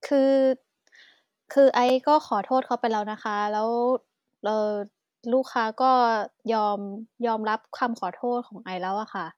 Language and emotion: Thai, neutral